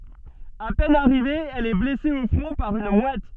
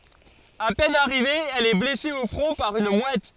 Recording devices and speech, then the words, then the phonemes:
soft in-ear microphone, forehead accelerometer, read sentence
À peine arrivée, elle est blessée au front par une mouette.
a pɛn aʁive ɛl ɛ blɛse o fʁɔ̃ paʁ yn mwɛt

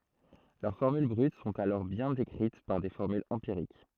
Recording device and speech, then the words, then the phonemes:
throat microphone, read sentence
Leurs formules brutes sont alors bien décrites par des formules empiriques.
lœʁ fɔʁmyl bʁyt sɔ̃t alɔʁ bjɛ̃ dekʁit paʁ de fɔʁmylz ɑ̃piʁik

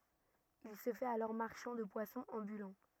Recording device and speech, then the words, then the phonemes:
rigid in-ear microphone, read sentence
Il se fait alors marchand de poissons ambulant.
il sə fɛt alɔʁ maʁʃɑ̃ də pwasɔ̃z ɑ̃bylɑ̃

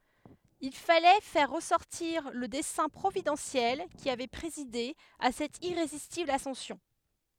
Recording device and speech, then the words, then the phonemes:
headset microphone, read sentence
Il fallait faire ressortir le dessein providentiel qui avait présidé à cette irrésistible ascension.
il falɛ fɛʁ ʁəsɔʁtiʁ lə dɛsɛ̃ pʁovidɑ̃sjɛl ki avɛ pʁezide a sɛt iʁezistibl asɑ̃sjɔ̃

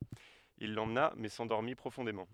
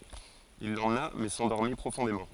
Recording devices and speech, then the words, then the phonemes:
headset microphone, forehead accelerometer, read sentence
Il l'emmena mais s'endormit profondément.
il lemna mɛ sɑ̃dɔʁmi pʁofɔ̃demɑ̃

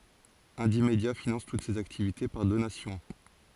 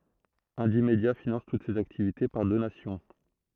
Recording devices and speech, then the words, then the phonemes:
forehead accelerometer, throat microphone, read sentence
Indymedia finance toutes ses activités par donations.
ɛ̃dimdja finɑ̃s tut sez aktivite paʁ donasjɔ̃

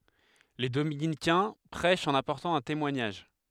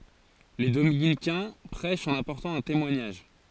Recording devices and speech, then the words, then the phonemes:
headset microphone, forehead accelerometer, read sentence
Les dominicains prêchent en apportant un témoignage.
le dominikɛ̃ pʁɛʃt ɑ̃n apɔʁtɑ̃ œ̃ temwaɲaʒ

